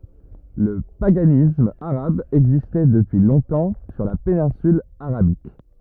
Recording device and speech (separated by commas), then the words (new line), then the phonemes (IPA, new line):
rigid in-ear microphone, read sentence
Le paganisme arabe existait depuis longtemps sur la péninsule Arabique.
lə paɡanism aʁab ɛɡzistɛ dəpyi lɔ̃tɑ̃ syʁ la penɛ̃syl aʁabik